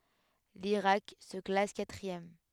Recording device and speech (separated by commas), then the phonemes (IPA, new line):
headset microphone, read sentence
liʁak sə klas katʁiɛm